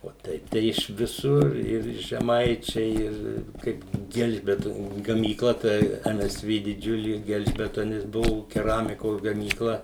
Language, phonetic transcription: Lithuanian, o ˈteip tai iš viˈsur ir žeˈmaičiai ir ˈkaip ˈgelžbetoniu gamyˈkla tai ˈem ˈes ˈvė diˈdžiulė ˈgelžbetonis ˈbuvo keˈramikos gamyˈkla

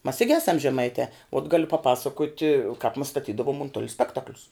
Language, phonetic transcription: Lithuanian, mas ˈigi ˈesam žeˈmaite ot ˈgaliu paˈpasakoti kaip mas staˈtydavum unˈtulia ˈspektaklius

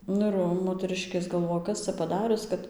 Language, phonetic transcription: Lithuanian, ˈnu ir ˈva moteˈrɨškės galˈvoja ˈkas ca paˈdarius ˈkad

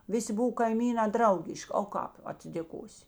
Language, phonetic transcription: Lithuanian, ˈviˌsi ˈbuv kaiˈmynā ˈdraugiš'k' o ˈkāp atsidėˈkosi

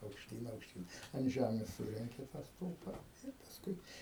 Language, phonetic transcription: Lithuanian, aukšˈtyn aukšˈtyn ant ˈžæmės ˈsurenki tą ˈstulpa ir pasˈkui

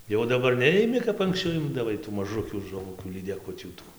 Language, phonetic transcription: Lithuanian, jau daˈbar ˈneimi kap anksˈčiau ˈimdavai tų maˈžukių žuˈvukių lydeˈkutių ˈtų

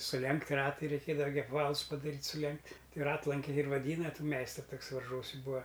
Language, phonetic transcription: Lithuanian, suˈlenkt' ˈratai reiˈkėdava gi apˈvalus padaˈryt' suˈlenkt' ˈtai ˈratlankiai ir vaˈdyna ˈtų ˈmeistru ˈtuks varˈžuosi ˈbūa

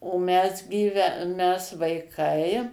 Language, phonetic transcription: Lithuanian, o ˈmes gyˈve ˈmes vaiˈkai

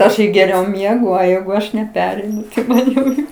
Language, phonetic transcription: Lithuanian, ˈaš i geˈriau ˈmiegu o ˈjeigu ˈaš neˈpereinu tai ˈman jau ˈjau

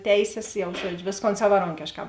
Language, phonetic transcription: Lithuanian, ˈteisės jau ˈžuodžiu ˈvėsˌkon savaˈronkėšˌkā

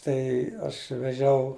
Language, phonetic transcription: Lithuanian, ˈtai aš veˈžiau

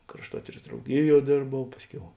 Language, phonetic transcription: Lithuanian, krašˈtuotyras drauˈgiˌjuo ˈdėrbau ˈpasˌkiau

